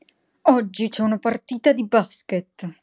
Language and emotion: Italian, angry